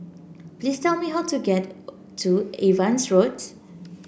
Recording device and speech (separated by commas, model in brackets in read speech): boundary microphone (BM630), read sentence